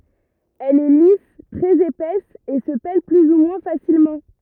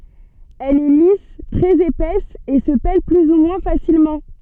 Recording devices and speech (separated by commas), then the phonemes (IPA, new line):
rigid in-ear microphone, soft in-ear microphone, read sentence
ɛl ɛ lis tʁɛz epɛs e sə pɛl ply u mwɛ̃ fasilmɑ̃